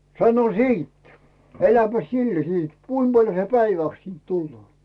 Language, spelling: Finnish, sano sitten eläpäs sillä sitten kuinka paljon se päiväksi siitä tulee
- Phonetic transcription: 'sano "siit , 'eläpäs "sillä 'siit "kuim Baljo se 'päivä̀ks siint 'tulloo ?

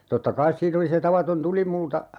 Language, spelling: Finnish, totta kai siinä oli se tavaton tulimulta
- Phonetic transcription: 'totta "kais siin ‿oli se 'tavaton "tulimulta , .

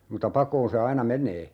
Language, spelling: Finnish, mutta pakoon se aina menee
- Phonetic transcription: muta 'pakoon se 'aina "meǹee .

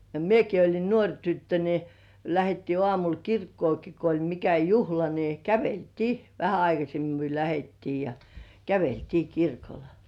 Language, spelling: Finnish, ja minäkin olin nuori tyttö niin lähdettiin aamulla kirkkoonkin kun oli mikä juhla niin käveltiin vähän aikaisemmin me lähdettiin ja käveltiin kirkolle
- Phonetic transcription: ja "mieki oĺin 'nuoŕ tyttö ni , 'lähettii ŏàmul "kirkkooki ko oĺ mikä "juhla ni 'kävel"tii , vähä 'aikasemmi myö 'lähettii ja 'käveltii "kirkol .

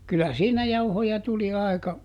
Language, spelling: Finnish, kyllä siinä jauhoja tuli aika
- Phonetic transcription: kylä ˈsiinä ˈjauhoja tuli ˈài̮ka ,.

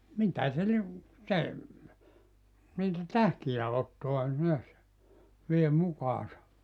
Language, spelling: Finnish, mitä se lie se niitä tähkiä ottaa näet vie mukaansa
- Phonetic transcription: 'mitä se li[e] , 'se , niitä "tähki₍ä 'ottoa neäs , 'vie 'mukaasa .

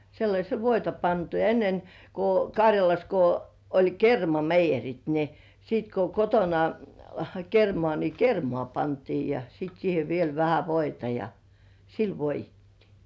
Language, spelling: Finnish, sellaisella voita pantu ja ennen kun Karjalassa kun oli kermameijerit niin sitten kun kotona kermaa niin kermaa pantiin ja sitten siihen vielä vähän voita ja sillä voidettiin
- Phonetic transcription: sellaśel "voita 'pantu , ja ennen , ko "Kaŕjalas ko , 'oĺ "kermameijerit ni , siit ko 'kotona , kermŏà ni "kermŏà 'pantii ja sit siihe viel 'vähä "voita ja , "sil 'voij̆jettii .

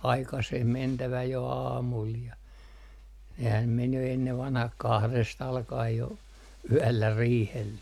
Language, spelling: Finnish, aikaiseen mentävä jo aamulla ja nehän meni jo ennen vanhaan kahdesta alkaen jo yöllä riihelle
- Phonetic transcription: "aikaseh 'mentävä jo "aamul ja , nehäm 'men jo ennev vanhah "kahres't ‿alka₍ej jo , "yällä 'riihelle .

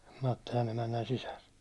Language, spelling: Finnish, Mattilan emännän sisar
- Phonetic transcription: 'Mattilan ‿emännän "sisär .

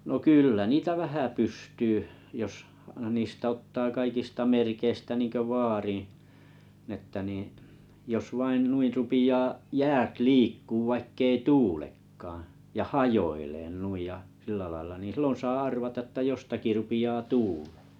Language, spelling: Finnish, no kyllä niitä vähän pystyy jos niistä ottaa kaikista merkeistä niin kuin vaarin niin että niin jos vain noin rupeaa jäät liikkumaan vaikka ei tuulekaan ja hajoilemaan noin ja sillä lailla niin silloin saa arvata että jostakin rupeaa tuulemaan
- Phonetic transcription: no 'kỳllä niitä "vähä 'pystyy , jos , niistä ottaa 'kaikista 'merkeistä niŋko 'vaariḭ , n ‿ettᵃ̈ niiⁱ̰ , jos vain 'nuir rupiʲaa’ , 'jäät 'liikkuuᵛ vaikkei "tuulekkaaa̰ , ja "hajoileen 'nuij ja , sillä laⁱl̆la ni 'sillon saa 'arvata että 'jostaki 'rupi₍aa "tuulᴇᴇ .

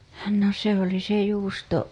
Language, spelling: Finnish, no se oli se juusto
- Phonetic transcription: no se ‿oli se juusto .

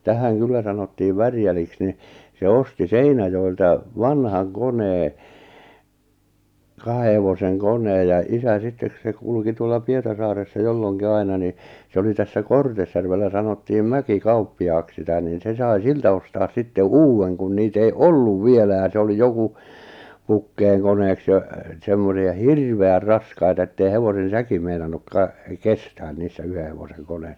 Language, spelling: Finnish, tähän kyllä sanottiin Värjäliksi niin se osti Seinäjoelta vanhan koneen kahden hevosen koneen ja isä sitten kun se kulki tuolla Pietarsaaressa jolloinkin aina niin se oli tässä Kortesjärvellä sanottiin Mäkikauppiaaksi sitä niin se sai siltä ostaa sitten uuden kun niitä ei ollut vielä ja se oli joku pukkeenkoneeksi ja semmoinen ja hirveän raskaita että ei hevosen säki meinannut - kestää niissä yhden hevosen koneissa
- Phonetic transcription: 'tähäŋ 'kyllä sanottiiv 'Värjäliks ni , se 'osti "Seinäjoilta , "vanhaŋ 'konee , 'kahe hevoseŋ "koǹeej ja 'isä 'sittek (ku) se 'kulki tuolla 'Pietarsaaressa 'jolloŋki 'aina ni , 'se oli 'tässä "Kortesjärvellä sanottiim "Mäki'kauppi₍aaks sitä niin 'se sai "siltä ostaas 'sitte "uuwweŋ kun niit ‿ei "olluv "vielä ja 'se oli "joku , 'pukkeeŋkoneeks ja , 'semmone ja "hirve₍är "raskaita ettei 'hevosen̬ "säki meinannuk 'ka- , "kestään niissä 'yhe hevoseŋ 'koɴᴇ[issa] .

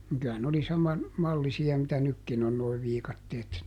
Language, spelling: Finnish, niin kyllä ne oli saman mallisia mitä nytkin on nuo viikatteet -
- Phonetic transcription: niŋ ky₍ä ne ‿oli ˈsaman , ˈmallisi₍a mitä ˈnykkin ‿on noi ˈviikatteet -- .

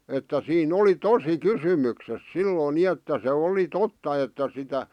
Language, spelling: Finnish, että siinä oli tosi kysymyksessä silloin niin että se oli totta että sitä
- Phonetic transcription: että 'sii"n ‿oli "tosi "kysymykses "silloⁱn 'ni että se 'oli 'totta että sitä ,.

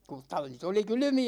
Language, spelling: Finnish, kun tallit oli kylmiä
- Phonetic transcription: ku 'tallit ‿oli "kylymi₍ä .

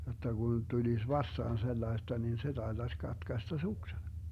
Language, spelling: Finnish, jotta kun tulisi vastaan sellaista niin se taitaisi katkaista suksen
- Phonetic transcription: jotta 'Gun 'tulis "vastaan 'sellaesta nin se 'taetaś 'katkasta "suksen .

